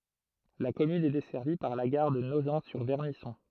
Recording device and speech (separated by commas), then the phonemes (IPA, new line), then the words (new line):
throat microphone, read sentence
la kɔmyn ɛ dɛsɛʁvi paʁ la ɡaʁ də noʒɑ̃tsyʁvɛʁnisɔ̃
La commune est desservie par la gare de Nogent-sur-Vernisson.